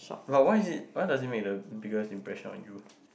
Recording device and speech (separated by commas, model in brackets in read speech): boundary microphone, conversation in the same room